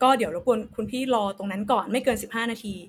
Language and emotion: Thai, frustrated